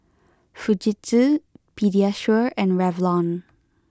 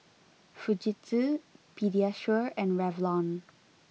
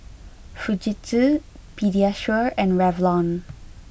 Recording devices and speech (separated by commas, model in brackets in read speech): close-talking microphone (WH20), mobile phone (iPhone 6), boundary microphone (BM630), read sentence